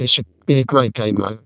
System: VC, vocoder